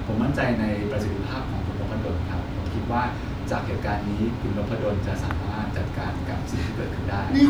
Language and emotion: Thai, neutral